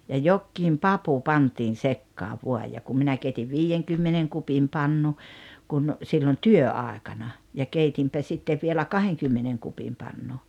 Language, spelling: Finnish, ja jokin papu pantiin sekaan vain ja kun minä keitin viidenkymmenen kupin pannun kun silloin työaikana ja keitin sitten vielä kahdenkymmenen kupin pannun
- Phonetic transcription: ja "jokkiim "papu 'pantiin̬ 'sekkaav 'vuaj ja kum 'minä keitiv "viijeŋkymmeneŋ 'kupim 'pannu , kun , sillon "työ₍àekana , ja 'keitimpä 'sittev vielä "kaheŋkymmeneŋ kupim 'pannu .

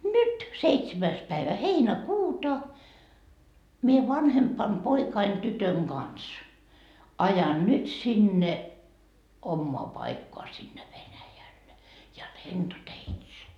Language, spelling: Finnish, nyt seitsemäs päivä heinäkuuta minä vanhemman poikani tytön kanssa ajan nyt sinne omaan paikkaan sinne Venäjälle ja lentoteitse
- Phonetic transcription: "nyt , seitsemäis päivä 'heinä"kuuta , mie 'vanhempam 'poikain 'tytöŋ "Gans , 'ajan 'nyt sinne , "ommoa 'paikkoa sinne 'Venäjälle , ja "lentoteitse .

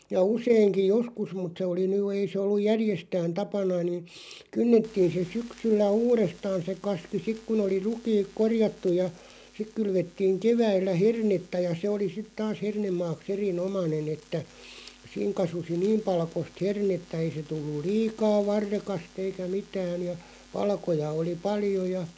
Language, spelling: Finnish, ja useinkin joskus mutta se oli nyt ei se ollut järjestään tapana niin kynnettiin se syksyllä uudestaan se kaski sitten kun oli rukiit korjattu ja sitten kylvettiin keväällä hernettä ja se oli sitten taas hernemaaksi erinomainen että siinä kasvoi niin palkoista hernettä ei se tullut liikaa varrekasta eikä mitään ja palkoja oli paljon ja
- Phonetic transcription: ja 'useiŋki "joskus mut se oli (ny) 'ei se olluʲ "järjestään 'tapana nin̬ , 'kynnettiin̬ se 'syksyllä "uurestaan̬ se 'kaski 'sik kun ‿oli "rukiik "korjattuʲ ja , 'sik 'kylvettiiŋ 'keväillä "hernetta̳§ ja 'se oli sit taas 'hernemmaaks 'eri₍"nomanen ‿että , 'siiŋ 'kasusi "niim 'palkost 'hernettä ei se tulluˡ "liikaa 'varrekast ‿eikä 'mitään̬ ja , 'palkoja oli "paljo ja ,.

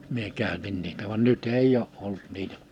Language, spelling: Finnish, minä käytin niitä vaan nyt ei ole ollut niitä
- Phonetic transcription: mie 'kä̀y̬̬tin niitä van 'nyt ‿"èij ‿oo '’olt 'niitᴀ̈ᴀ .

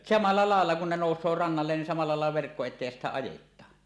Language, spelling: Finnish, samalla lailla kuin ne nousee rannalle niin samalla lailla verkko eteen ja sitten ajetaan
- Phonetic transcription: samalla 'làella kun ne nòus̀oo 'rannallen nin 'samalla 'làel̳a 'verkko et̆teej ja sittä "ajet̆taan .

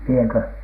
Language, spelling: Finnish, minäkö
- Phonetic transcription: miekö ?

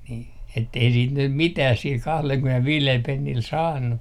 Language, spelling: Finnish, niin että ei sitten nyt mitään sillä kahdellakymmenelläviidellä pennillä saanut
- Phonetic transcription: nii , ettei siit 'nym "mitäh sil 'kahlelkymenelviilel 'pennil "saannu .

